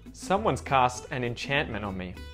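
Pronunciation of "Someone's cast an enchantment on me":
In 'enchantment', the T that follows the N in the middle of the word is muted.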